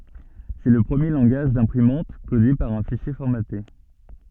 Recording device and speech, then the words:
soft in-ear microphone, read sentence
C'est le premier langage d'imprimante codé par un fichier formaté.

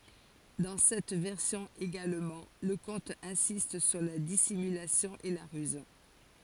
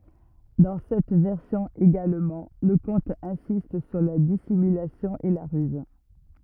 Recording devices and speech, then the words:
forehead accelerometer, rigid in-ear microphone, read sentence
Dans cette version également, le conte insiste sur la dissimulation et la ruse.

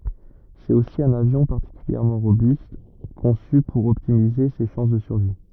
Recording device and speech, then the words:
rigid in-ear microphone, read sentence
C'est aussi un avion particulièrement robuste, conçu pour optimiser ses chances de survie.

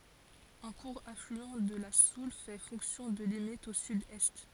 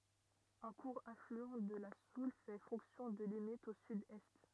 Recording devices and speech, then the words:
forehead accelerometer, rigid in-ear microphone, read sentence
Un court affluent de la Soulles fait fonction de limite au sud-est.

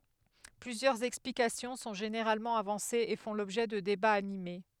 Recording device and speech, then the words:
headset microphone, read sentence
Plusieurs explications sont généralement avancées et font l'objet de débats animés.

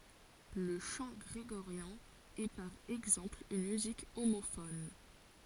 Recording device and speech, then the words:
forehead accelerometer, read sentence
Le chant grégorien est par exemple une musique homophone.

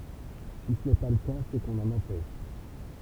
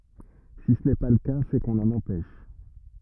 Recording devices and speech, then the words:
temple vibration pickup, rigid in-ear microphone, read sentence
Si ce n’est pas le cas, c’est qu’on l’en empêche.

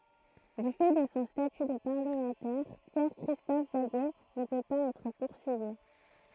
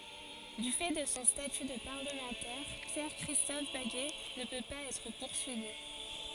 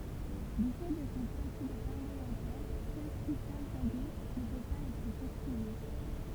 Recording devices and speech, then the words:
throat microphone, forehead accelerometer, temple vibration pickup, read sentence
Du fait de son statut de parlementaire, Pierre-Christophe Baguet ne peut pas être poursuivi.

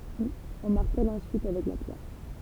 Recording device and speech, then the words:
temple vibration pickup, read sentence
On martèle ensuite avec la pierre.

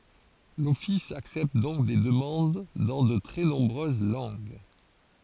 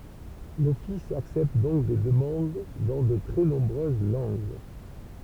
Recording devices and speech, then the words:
forehead accelerometer, temple vibration pickup, read sentence
L'office accepte donc des demandes dans de très nombreuses langues.

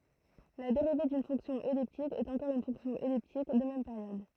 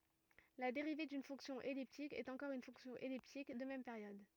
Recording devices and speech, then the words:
throat microphone, rigid in-ear microphone, read sentence
La dérivée d'une fonction elliptique est encore une fonction elliptique, de même période.

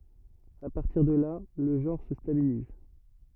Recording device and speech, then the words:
rigid in-ear microphone, read sentence
À partir de là, le genre se stabilise.

